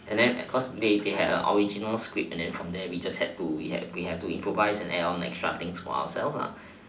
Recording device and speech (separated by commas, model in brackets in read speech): standing microphone, conversation in separate rooms